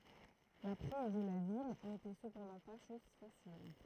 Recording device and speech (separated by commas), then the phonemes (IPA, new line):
throat microphone, read sentence
la pʁiz də la vil netɛ səpɑ̃dɑ̃ pa ʃɔz fasil